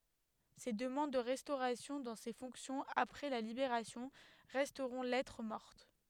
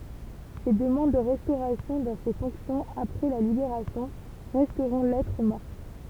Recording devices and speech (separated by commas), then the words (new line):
headset microphone, temple vibration pickup, read sentence
Ses demandes de restauration dans ses fonctions, après la Libération, resteront lettre morte.